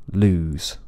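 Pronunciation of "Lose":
In 'lose', the final z is only partly voiced and sounds exactly like an s.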